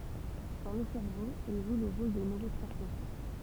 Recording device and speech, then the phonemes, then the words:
temple vibration pickup, read sentence
dɑ̃ lə sɛʁvo ɛl ʒw lə ʁol də nøʁotʁɑ̃smɛtœʁ
Dans le cerveau, elles jouent le rôle de neurotransmetteurs.

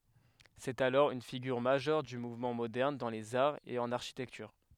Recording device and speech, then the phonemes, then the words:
headset microphone, read sentence
sɛt alɔʁ yn fiɡyʁ maʒœʁ dy muvmɑ̃ modɛʁn dɑ̃ lez aʁz e ɑ̃n aʁʃitɛktyʁ
C’est alors une figure majeure du mouvement moderne dans les arts et en architecture.

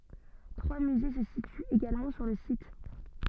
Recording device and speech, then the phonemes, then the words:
soft in-ear microphone, read sentence
tʁwa myze sə sityt eɡalmɑ̃ syʁ lə sit
Trois musées se situent également sur le site.

